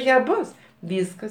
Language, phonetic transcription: Lithuanian, ˈja ˈbus ˈvyskas

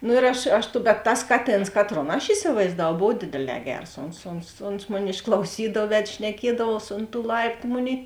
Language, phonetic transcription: Lithuanian, nu ir ˈaš ˈaš bet ˈtas ˈkaˌtėns ˈkaˌtron aš isivaizdaˈvau ˈbov ˈdėdėˌlē ˈgers ˈons ons ons ˈmoˌni išklauˈsydav ˈved šneˈkiedavuos ont tų ˈlaiptu ˈmoˌnėi

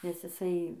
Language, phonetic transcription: Lithuanian, nes iˈsai

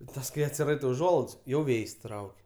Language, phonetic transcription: Lithuanian, i ˈtas kai atsiˈraitai uˈžuolaids jau ˈvėjs' ˈtrauk'

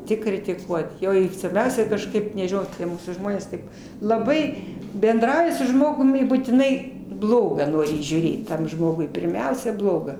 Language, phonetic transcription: Lithuanian, ˈtik kritiˈkuot ˈjo ir svarˈbiausia kažˈkaip nežiˈnau tie ˈmūsų ˈžmonės taip laˈbai benˈdrauji su ˈžmogum i būtiˈnai ˈbloga ˈnori įžiūˈrėt ˈtam ˈžmogui pirˈmiausia ˈbloga

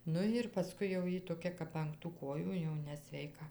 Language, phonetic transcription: Lithuanian, ˈnu ir paˈskui jau ˈjy toˈkia kap ang tų ˈkojų jau nesveiˈka

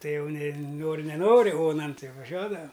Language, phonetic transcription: Lithuanian, ˈtai ˈjau ne ˈnori neˈnori ˈonan ˈti vaˈžiuodavam

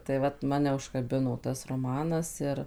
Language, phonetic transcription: Lithuanian, tai ˈvat ˈmane užkaˈbino ˈtas roˈmanas ˈir

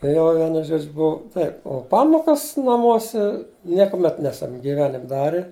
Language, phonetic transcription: Lithuanian, ˈjo ˈvienu ˈžodžiu ˈbuvu ˈtaip o ˈpamokas naˈmuose ˈniekuˌmet ˈnesam gyˈvenim' ˈdari

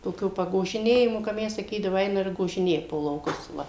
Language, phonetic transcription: Lithuanian, toˈkių pagožiˈnėjimu ka ˈmes saˈkydavu ˈeina ir gožiˈnėja po lauˈkus ˈva

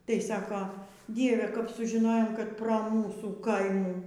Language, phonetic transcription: Lithuanian, tai ˈsako ˈdieve kap sužiˈnojom kad pro ˈmūsų ˈkaimų

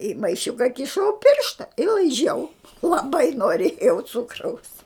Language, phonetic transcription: Lithuanian, i maiˈšiuka kiˈšau ˈpiršta i laiˈžiau laˈbai noˈrėjau ˈcukraus

